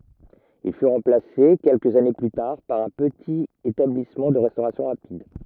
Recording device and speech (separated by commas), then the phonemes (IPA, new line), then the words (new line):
rigid in-ear microphone, read sentence
il fy ʁɑ̃plase kɛlkəz ane ply taʁ paʁ œ̃ pətit etablismɑ̃ də ʁɛstoʁasjɔ̃ ʁapid
Il fut remplacé quelques années plus tard par un petit établissement de restauration rapide.